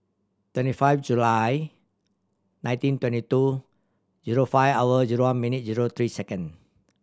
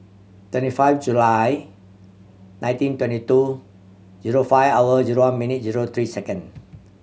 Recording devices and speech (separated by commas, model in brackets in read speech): standing microphone (AKG C214), mobile phone (Samsung C7100), read sentence